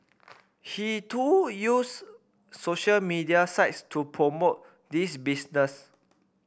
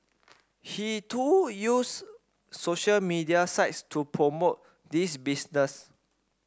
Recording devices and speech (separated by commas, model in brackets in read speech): boundary microphone (BM630), standing microphone (AKG C214), read sentence